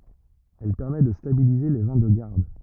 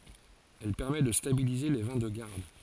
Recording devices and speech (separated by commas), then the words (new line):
rigid in-ear microphone, forehead accelerometer, read sentence
Elle permet de stabiliser les vins de garde.